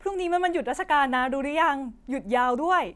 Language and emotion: Thai, happy